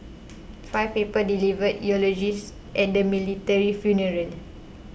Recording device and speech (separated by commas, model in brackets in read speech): boundary microphone (BM630), read sentence